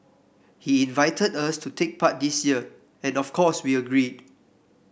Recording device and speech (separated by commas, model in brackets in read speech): boundary microphone (BM630), read sentence